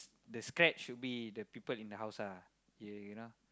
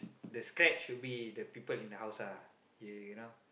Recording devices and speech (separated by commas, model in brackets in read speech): close-talking microphone, boundary microphone, conversation in the same room